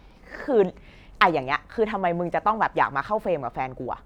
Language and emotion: Thai, angry